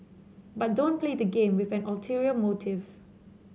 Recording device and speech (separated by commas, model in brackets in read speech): mobile phone (Samsung C7), read sentence